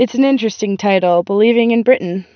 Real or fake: real